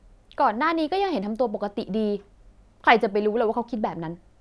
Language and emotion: Thai, frustrated